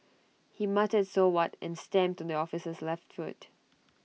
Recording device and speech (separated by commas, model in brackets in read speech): mobile phone (iPhone 6), read sentence